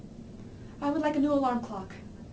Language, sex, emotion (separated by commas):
English, female, neutral